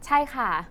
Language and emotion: Thai, neutral